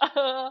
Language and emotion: Thai, happy